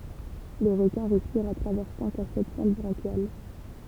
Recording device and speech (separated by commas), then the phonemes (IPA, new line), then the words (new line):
temple vibration pickup, read sentence
le ʁəkɛ̃ ʁɛspiʁt a tʁavɛʁ sɛ̃k a sɛt fɑ̃t bʁɑ̃ʃjal
Les requins respirent à travers cinq à sept fentes branchiales.